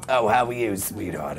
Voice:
Deep raspy voice